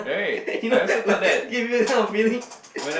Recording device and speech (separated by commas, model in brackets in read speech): boundary microphone, conversation in the same room